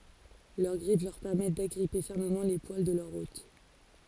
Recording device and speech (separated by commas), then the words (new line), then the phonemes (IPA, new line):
forehead accelerometer, read sentence
Leur griffes leur permettent d'agripper fermement les poils de leur hôte.
lœʁ ɡʁif lœʁ pɛʁmɛt daɡʁipe fɛʁməmɑ̃ le pwal də lœʁ ot